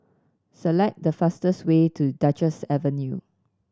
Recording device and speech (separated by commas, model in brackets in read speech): standing microphone (AKG C214), read sentence